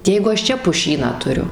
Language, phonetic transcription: Lithuanian, ˈjeigu aš ˈčia puˈšyną tuˈriu

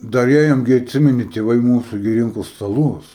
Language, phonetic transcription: Lithuanian, ˈdar ˈėjom gi atˈsimeni tėˈvai ˈmūsu gi ˈrinko staˈlus

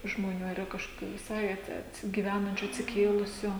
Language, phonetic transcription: Lithuanian, žmoˈnių ar yˈra kažkoˈkių viˈsai at atsi gyˈvenančiu atsiˈkėlusiu

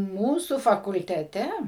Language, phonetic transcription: Lithuanian, ˈmūsu fakulteˈte

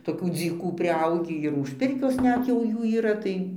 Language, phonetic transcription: Lithuanian, toˈkių dzyˈkų priˈaugį ir už ˈpirkios ˈnet jau ˈjų yˈra tai

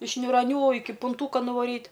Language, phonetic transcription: Lithuanian, iš niuraˈnių ˈiki punˈtūka nuˈvaryt

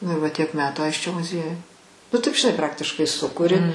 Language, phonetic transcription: Lithuanian, nu i va tiek ˈmetų ˈaisčio muˈziejuj nu ˈtaip žiˈnai ˈpraktiškai ˈsukuri

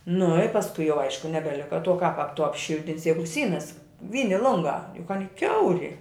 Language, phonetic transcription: Lithuanian, nu i pasˈkui jau ˈaišku nebeˈlika tuo kap ap tu apˈšiltinsi ˈjegu ˈsynas ˈvyni ˈlungā juk ˈani ˈkiauri

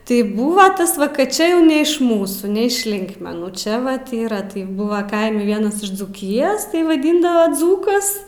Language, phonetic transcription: Lithuanian, tai ˈbūva ˈtas va kad ˈčia jau ne iš ˈmūsų ne iš ˈlinkmenų ˈčia vat ˈyra tai ˈbūva ˈkaime ˈvienas iš dzūˈkijos tai vaˈdyndava ˈdzūkas

